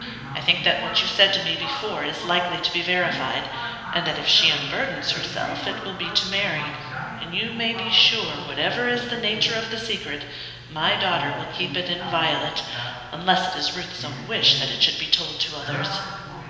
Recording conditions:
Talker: one person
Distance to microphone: 1.7 m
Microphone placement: close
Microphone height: 1.0 m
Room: very reverberant, large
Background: television

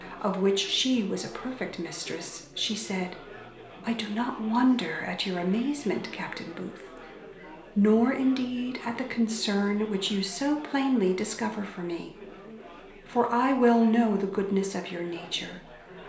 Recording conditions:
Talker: one person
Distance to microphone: 1.0 m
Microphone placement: close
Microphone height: 1.1 m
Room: small (3.7 m by 2.7 m)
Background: babble

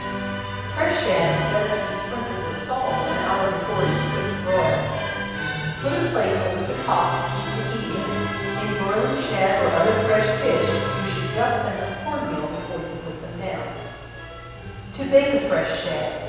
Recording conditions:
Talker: one person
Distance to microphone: 7.1 m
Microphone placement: far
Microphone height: 1.7 m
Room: very reverberant, large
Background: music

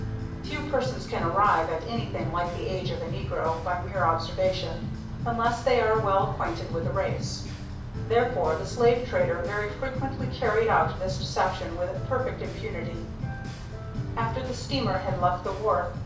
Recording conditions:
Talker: one person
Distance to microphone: 5.8 m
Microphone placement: far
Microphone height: 1.8 m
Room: medium-sized (5.7 m by 4.0 m)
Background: music

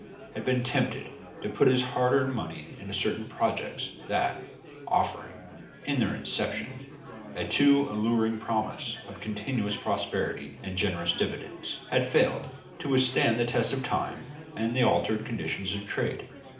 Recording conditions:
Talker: one person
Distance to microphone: 2.0 m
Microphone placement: close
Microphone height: 99 cm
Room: medium-sized (5.7 m by 4.0 m)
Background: babble

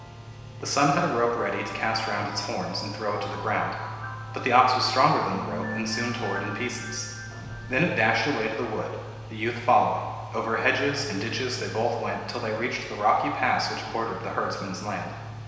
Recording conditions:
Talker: one person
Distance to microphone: 1.7 m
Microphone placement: close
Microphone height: 1.0 m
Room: very reverberant, large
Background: music

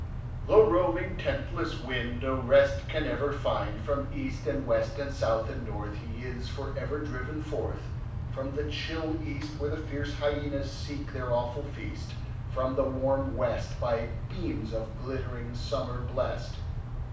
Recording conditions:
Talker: one person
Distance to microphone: 5.8 m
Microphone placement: far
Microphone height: 1.8 m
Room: medium-sized (5.7 m by 4.0 m)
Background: none

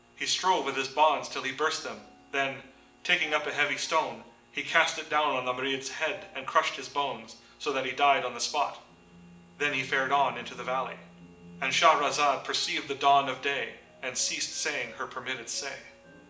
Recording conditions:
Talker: one person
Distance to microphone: 1.8 m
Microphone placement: close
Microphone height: 1.0 m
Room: large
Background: music

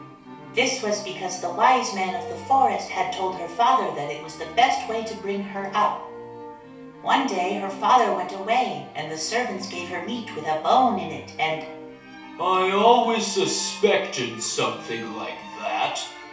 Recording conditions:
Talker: one person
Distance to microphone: 3.0 m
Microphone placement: far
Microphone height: 1.8 m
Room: small (3.7 m by 2.7 m)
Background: music

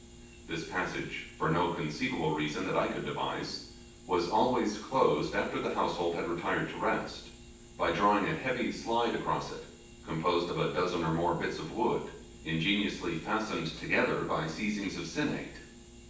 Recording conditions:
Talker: one person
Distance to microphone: 9.8 m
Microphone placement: far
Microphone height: 1.8 m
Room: large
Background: none

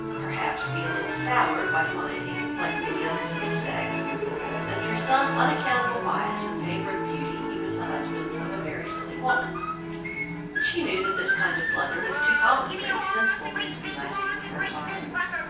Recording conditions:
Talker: one person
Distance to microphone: 9.8 m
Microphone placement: far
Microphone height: 1.8 m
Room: large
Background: television

